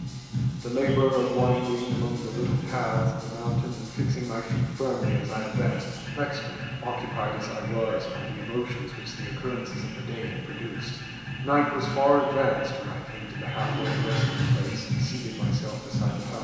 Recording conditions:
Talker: one person; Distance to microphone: 1.7 m; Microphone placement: close; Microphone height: 1.0 m; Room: very reverberant, large; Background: music

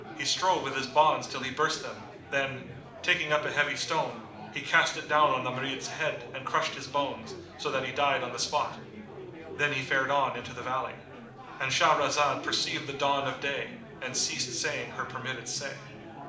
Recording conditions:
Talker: one person; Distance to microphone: 2.0 m; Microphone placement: close; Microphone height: 99 cm; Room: medium-sized (5.7 m by 4.0 m); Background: babble

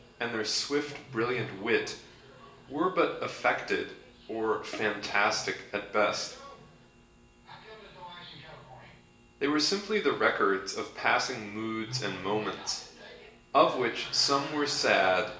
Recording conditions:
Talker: one person; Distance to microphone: 1.8 m; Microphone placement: close; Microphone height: 1.0 m; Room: large; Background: television

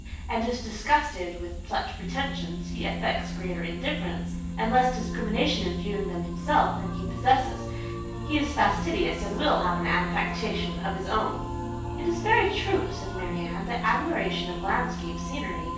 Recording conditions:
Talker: one person; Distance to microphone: 9.8 m; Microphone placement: far; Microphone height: 1.8 m; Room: large; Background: music

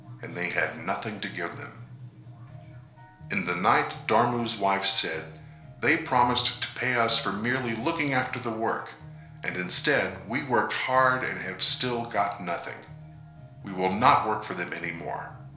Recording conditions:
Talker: one person; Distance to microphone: 1.0 m; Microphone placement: close; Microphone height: 1.1 m; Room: small (3.7 m by 2.7 m); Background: music

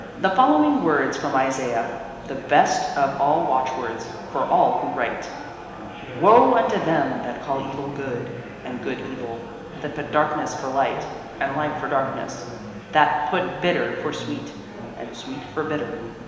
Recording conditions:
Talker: one person; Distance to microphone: 1.7 m; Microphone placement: close; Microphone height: 1.0 m; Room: very reverberant, large; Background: babble

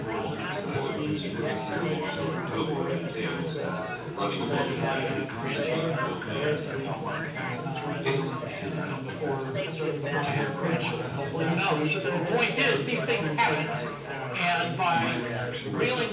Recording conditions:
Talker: one person; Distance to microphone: 9.8 m; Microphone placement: far; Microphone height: 1.8 m; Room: large; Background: babble

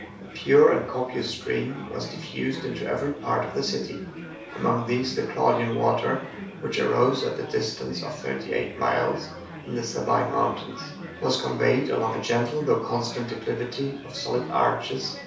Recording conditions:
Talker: one person; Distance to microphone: 3.0 m; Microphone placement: far; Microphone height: 1.8 m; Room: small (3.7 m by 2.7 m); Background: babble

